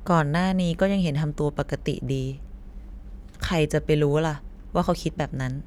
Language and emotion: Thai, neutral